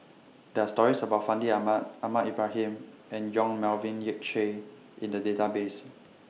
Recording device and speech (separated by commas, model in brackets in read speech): mobile phone (iPhone 6), read sentence